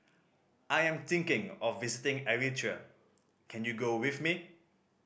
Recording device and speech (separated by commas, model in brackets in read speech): boundary microphone (BM630), read sentence